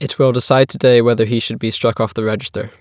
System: none